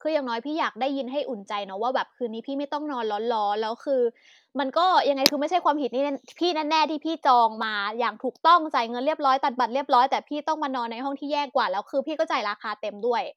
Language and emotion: Thai, frustrated